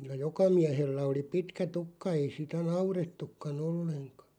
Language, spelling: Finnish, kyllä joka miehellä oli pitkä tukka ei sitä naurettukaan ollenkaan
- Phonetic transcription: kyl̀ä "joka 'miähellä oli "pitkä "tukka 'ei sitä "naurettukka'n ‿olleŋkᴀ .

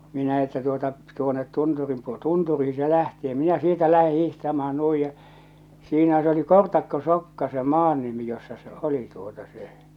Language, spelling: Finnish, minä että tuota tuonne tunturin - tunturiin se lähti ja minä sieltä lähden hiihtämään noin ja siinä se oli Kortakkosokka se maan nimi jossa se oli tuota se
- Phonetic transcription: 'minä että tuota , tuonet 'tunturim puo- , "tunturii se lähtᴇ̳ ᴊᴀ 'minä 'sieltä 'lähe 'hihtama₍an 'nuij ja , siinä s ‿oli 'Kortakko'sokka se 'maan nimi jossa se "oli tuota se .

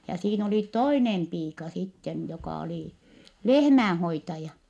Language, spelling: Finnish, ja siinä oli toinen piika sitten joka oli lehmänhoitaja
- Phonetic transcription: ja siin ‿oli toinem piika sitten jokà olì , lehmään̬hoitaja .

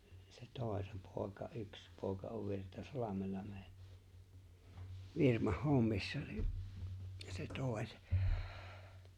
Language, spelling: Finnish, se toi se poika yksi poika on Virtasalmella meillä firmassa hommissa niin se toi se
- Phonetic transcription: se 'tòe se 'pòeka "yks 'pòeka ov 'Virta"salamella me(illä) , 'virmah "hommissa ni’ , se 'tòe se .

